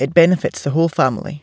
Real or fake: real